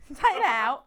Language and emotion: Thai, happy